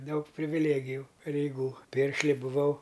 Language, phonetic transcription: Lithuanian, ˈdaug priviˈlėgiju pareiˈgų ˈpiršli buˈvau

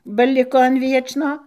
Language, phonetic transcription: Lithuanian, ba ˈliko an ˈviečno

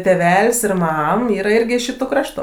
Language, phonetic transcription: Lithuanian, tėˈvel's' ir ˈmam ˈyra ˈirgi iš ˈšituˈkraštu

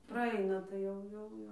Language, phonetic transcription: Lithuanian, praˈaina tai ˈjau ˈjau ˈjau

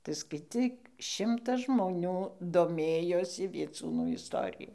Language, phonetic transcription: Lithuanian, tai skaiˈcyk ˈšimtas žmoˈnių doˈmėjosi vieˈcūnų isˈtoriju

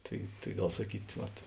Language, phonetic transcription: Lithuanian, ˈtai tai ˈgal saˈkyt ˈvat

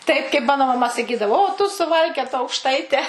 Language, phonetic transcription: Lithuanian, ˈtaip kaip ˈmano maˈma saˈkydavo o tu suˈvalkiota aukšˈtaite

